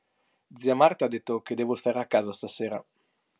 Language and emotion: Italian, neutral